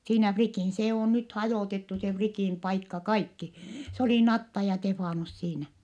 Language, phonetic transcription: Finnish, siinä Frikìn , se ò nyt hajòtettu se Frikìn paikka kaikki , se olì Natta ja Tefànus siinä .
- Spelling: siinä Frikin se on nyt hajotettu se Frikin paikka kaikki se oli Natta ja Stefanus siinä

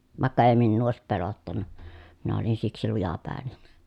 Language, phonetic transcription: Finnish, vàekka èi minnuu òesip pelottanna , minä olin siksi lujapä̀eNEN .
- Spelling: vaikka ei minua olisi pelottanut minä olin siksi lujapäinen

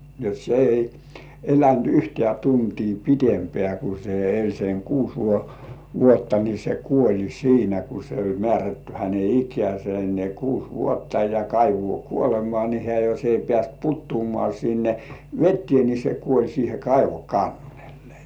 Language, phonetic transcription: Finnish, jot se ei "elänt 'yhtĕä̀ tuntii 'pitempĕä̀ ku se eĺ seŋ "kuus 'vuotta ni se 'kuoĺi "siinä ku se oĺ 'mĕä̀rätty häne "ik̀ĕä̀se ne 'kuus "vuotta ja "kaivŭò 'kuolemŏà ni 'hĕä̀ jos ei pĕä̀st 'puttuumŏà sinne "vettĭè ni se 'kuoĺ siihe 'kaivo "kannellᴇ .
- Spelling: jotta se ei elänyt yhtään tuntia pidempään kun se eli sen kuusi vuotta niin se kuoli siinä kun se oli määrätty hänen ikänsä ne kuusi vuotta ja kaivoon kuolemaan niin hän jos ei päässyt putoamaan sinne veteen niin se kuoli siihen kaivon kannelle

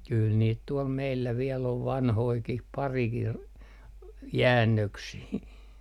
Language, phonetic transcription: Finnish, kyl 'niit tuɔl meillä viel ‿ov 'vanhoikih , 'parikih , "jäännöksii .
- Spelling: kyllä niitä tuolla meillä vielä on vanhojakin parikin jäännöksiä

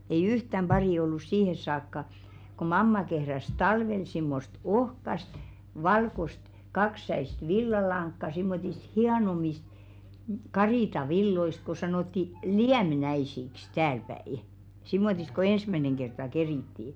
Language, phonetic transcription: Finnish, ei "yhtäm 'ʙarì ollus 'siihes̆ saakka , ko "mamma kehräs "talvel simmost "ohkast , 'valkost , 'kakssäist "villalaŋkka simmotist "hianomist , 'karìta'villoist ko sanòtti "liämnäisiks , täälpäi , 'simmotisᵗ ko "ensmäneŋ kerta "kerìttii .
- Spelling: ei yhtään paria ollut siihen saakka kun mamma kehräsi talvella semmoista ohkaista valkoista kaksisäistä villalankaa semmoisista hienommista karitsanvilloista kun sanottiin lieminkäisiksi täälläpäin semmoista kun ensimmäinen kerta kerittiin

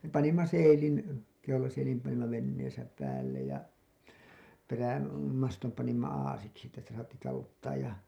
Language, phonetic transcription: Finnish, me panimma "seilin , 'keulaseilim panimma venneesä 'pääl̆lej ja , 'perä- , -mastom panimma 'aasiksi että sitä saatti 'taluttaaj ja .
- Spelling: me panimme seilin keulaseilin panimme veneessä päälle ja - perämaston panimme aasiksi että sitä saatiin taluttaa ja

